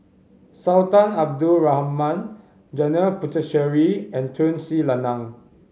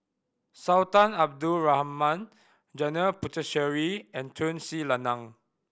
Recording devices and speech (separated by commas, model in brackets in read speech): mobile phone (Samsung C5010), boundary microphone (BM630), read sentence